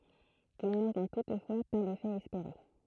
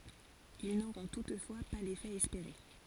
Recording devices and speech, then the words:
throat microphone, forehead accelerometer, read sentence
Ils n'auront toutefois pas l'effet espéré.

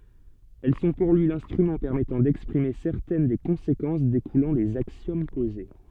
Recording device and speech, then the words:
soft in-ear microphone, read sentence
Elles sont pour lui l’instrument permettant d’exprimer certaines des conséquences découlant des axiomes posés.

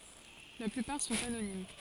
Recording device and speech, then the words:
forehead accelerometer, read sentence
La plupart sont anonymes.

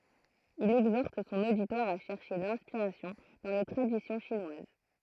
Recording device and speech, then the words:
throat microphone, read sentence
Il exhorte son auditoire à chercher l'inspiration dans les traditions chinoises.

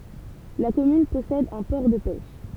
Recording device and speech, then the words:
temple vibration pickup, read sentence
La commune possède un port de pêche.

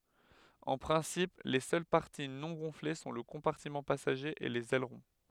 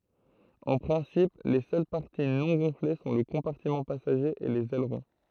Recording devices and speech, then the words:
headset microphone, throat microphone, read sentence
En principe, les seules parties non gonflées sont le compartiment passager et les ailerons.

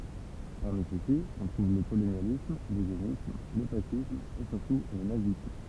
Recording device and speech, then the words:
temple vibration pickup, read sentence
Parmi ceux-ci, on trouve le colonialisme, l'eugénisme, le fascisme et surtout le nazisme.

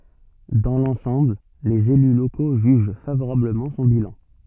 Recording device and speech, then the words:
soft in-ear microphone, read sentence
Dans l’ensemble, les élus locaux jugent favorablement son bilan.

